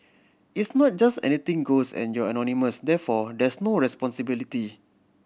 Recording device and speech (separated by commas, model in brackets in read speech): boundary microphone (BM630), read sentence